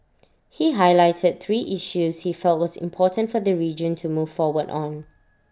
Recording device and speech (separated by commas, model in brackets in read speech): standing microphone (AKG C214), read sentence